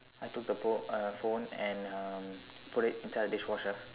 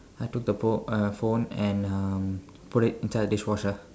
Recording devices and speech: telephone, standing microphone, conversation in separate rooms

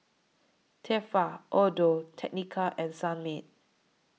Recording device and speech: mobile phone (iPhone 6), read sentence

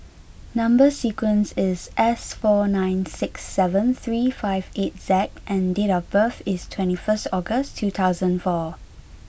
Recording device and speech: boundary microphone (BM630), read sentence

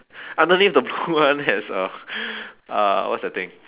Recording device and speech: telephone, conversation in separate rooms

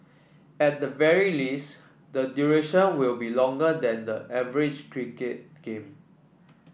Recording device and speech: boundary microphone (BM630), read sentence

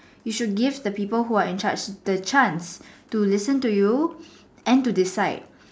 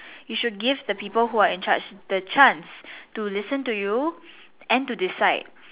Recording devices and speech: standing microphone, telephone, conversation in separate rooms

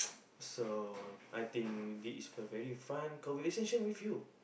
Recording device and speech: boundary microphone, conversation in the same room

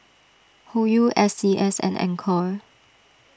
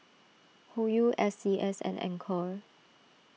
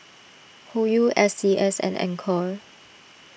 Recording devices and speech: standing microphone (AKG C214), mobile phone (iPhone 6), boundary microphone (BM630), read sentence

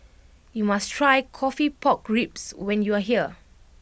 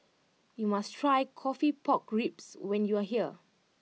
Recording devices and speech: boundary microphone (BM630), mobile phone (iPhone 6), read sentence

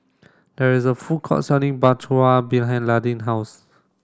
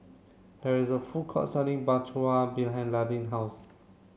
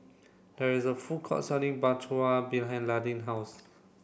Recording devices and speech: standing microphone (AKG C214), mobile phone (Samsung C7), boundary microphone (BM630), read sentence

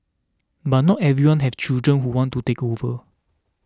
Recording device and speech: standing microphone (AKG C214), read sentence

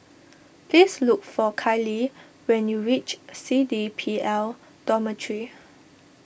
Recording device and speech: boundary microphone (BM630), read sentence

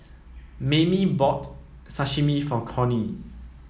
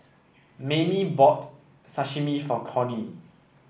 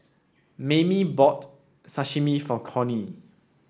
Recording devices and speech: mobile phone (iPhone 7), boundary microphone (BM630), standing microphone (AKG C214), read sentence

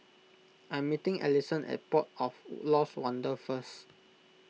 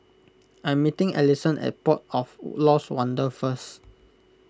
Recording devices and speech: mobile phone (iPhone 6), close-talking microphone (WH20), read sentence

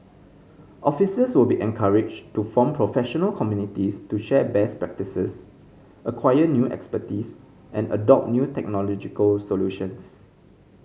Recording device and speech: mobile phone (Samsung C5010), read sentence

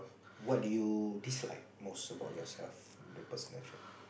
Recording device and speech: boundary microphone, conversation in the same room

